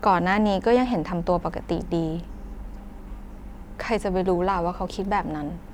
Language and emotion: Thai, frustrated